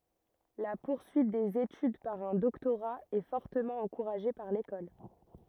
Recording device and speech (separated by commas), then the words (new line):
rigid in-ear microphone, read sentence
La poursuite des études par un doctorat est fortement encouragée par l'école.